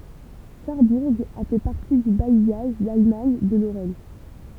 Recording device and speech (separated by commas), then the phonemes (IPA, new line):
temple vibration pickup, read sentence
saʁbuʁ a fɛ paʁti dy bajjaʒ dalmaɲ də loʁɛn